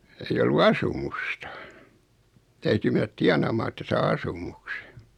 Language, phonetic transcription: Finnish, 'ei ollu "asumusta , 'täyty menät 'tianàmaa että saa 'asumuksᴇ .
- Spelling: ei ollut asumusta täytyi mennä tienaamaan että saa asumuksen

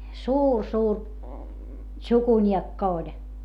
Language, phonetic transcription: Finnish, suur suur , tšukuńiekka oĺ .
- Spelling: suuri suuri tsukuniekka oli

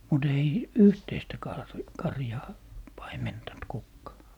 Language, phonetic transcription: Finnish, mu't ‿ei , "yhteistä 'kar - 'karjaa , 'paimentant 'kukkaa .
- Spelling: mutta ei yhteistä - karjaa paimentanut kukaan

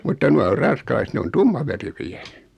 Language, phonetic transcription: Finnish, mutta 'nua or 'ran̬skalaiset 'ne on "tummaveriköjä .
- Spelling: mutta nuo on ranskalaiset ne on tummaverikköjä

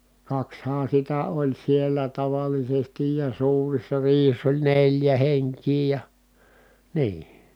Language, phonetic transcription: Finnish, kakshaan̬ sitä oĺ siel̀ä tavalisestij ja suurissa riihiss ‿oĺ neĺjä heŋk̀ii ja , nii .
- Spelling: kaksihan sitä oli siellä tavallisesti ja suurissa riihissä oli neljä henkeä ja niin

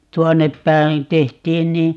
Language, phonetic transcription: Finnish, 'tuonnep päin̬ , 'tehtiin ni ,.
- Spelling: tuonne päin tehtiin niin

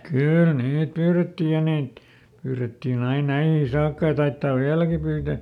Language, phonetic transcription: Finnish, ˈkỳl ˈniit ˈpyyretti ja ˈniit , ˈpyyrettin ‿ain ˈnäihii ˈsaakka ja ˈtaittaav "viäläki ˈpyytä .
- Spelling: kyllä niitä pyydettiin ja niitä pyydettiin aina näihin saakka ja taidetaan vieläkin pyytää

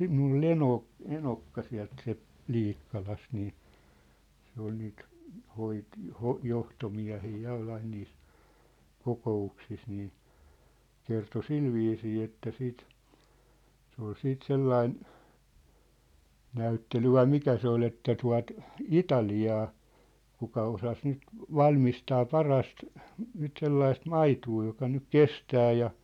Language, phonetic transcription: Finnish, mĭnŭl ‿ol "enò , "enokka siä̭lt siä̭lt , "ʟiikkalast nii , se ‿ol niit , 'hoit- , 'hoh- 'johtomiä̭hii 'ja oi 'ain niis , 'koko₍uksis nii , 'kerto "silviisii että siit , se ‿ol 'siit "sellain , 'näyttely vai "mikä se ‿o'l ‿että 'tua̭t , "Itali₍aa , 'kuka 'osas nyt , "valmistaa "parast , nyt sellaist "maituu joka nyk "kestää ja .
- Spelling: minulla oli eno eno sieltä sieltä Liikkalasta niin se oli niitä - - johtomiehiä ja oli aina niissä kokouksissa niin kertoi sillä viisiin että sitten se oli sitten sellainen näyttely vai mikä se oli että tuota Italiaa kuka osasi nyt valmistaa parasta nyt sellaista maitoa joka nyt kestää ja

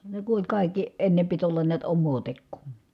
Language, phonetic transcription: Finnish, ne ku oĺ kàikki , enne pit ollan niät ommoo tekkuu .
- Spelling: ne kun oli kaikki ennen piti olla näet omaa tekoa

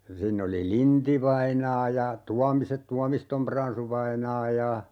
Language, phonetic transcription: Finnish, 'siinn ‿oli "Linti-vainaa ja , "Tuamise- , "Tuamistom 'Pransu-vainaa ja ,.
- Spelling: siinä oli Lind-vainaa ja Tuomisen Tuomiston Pransu-vainaa ja

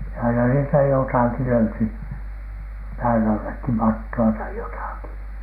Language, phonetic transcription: Finnish, ja aina niistä 'jotàki löyty , "pään ‿allekki , "matto₍a tai 'jotàki .
- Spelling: ja aina niistä jotakin löytyi pään allekin mattoa tai jotakin

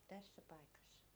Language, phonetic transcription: Finnish, 'tässä 'paikassA .
- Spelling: tässä paikassa

